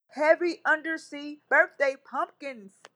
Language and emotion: English, fearful